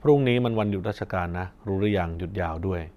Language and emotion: Thai, neutral